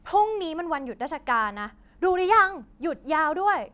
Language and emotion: Thai, angry